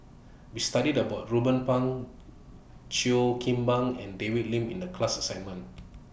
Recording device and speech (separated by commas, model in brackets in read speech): boundary microphone (BM630), read sentence